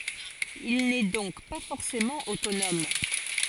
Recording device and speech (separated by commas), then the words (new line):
forehead accelerometer, read sentence
Il n'est donc pas forcément autonome.